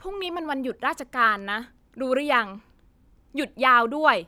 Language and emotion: Thai, frustrated